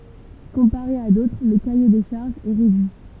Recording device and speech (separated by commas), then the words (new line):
temple vibration pickup, read sentence
Comparé à d'autres, le cahier des charges est réduit.